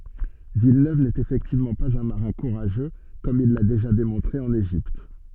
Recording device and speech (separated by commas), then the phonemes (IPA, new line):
soft in-ear microphone, read sentence
vilnøv nɛt efɛktivmɑ̃ paz œ̃ maʁɛ̃ kuʁaʒø kɔm il la deʒa demɔ̃tʁe ɑ̃n eʒipt